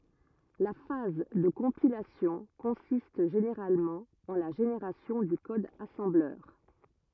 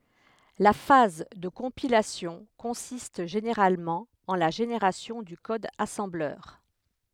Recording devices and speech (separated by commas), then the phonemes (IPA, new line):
rigid in-ear microphone, headset microphone, read sentence
la faz də kɔ̃pilasjɔ̃ kɔ̃sist ʒeneʁalmɑ̃ ɑ̃ la ʒeneʁasjɔ̃ dy kɔd asɑ̃blœʁ